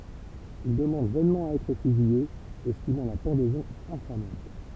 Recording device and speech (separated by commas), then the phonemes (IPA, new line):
temple vibration pickup, read sentence
il dəmɑ̃d vɛnmɑ̃ a ɛtʁ fyzije ɛstimɑ̃ la pɑ̃dɛzɔ̃ ɛ̃famɑ̃t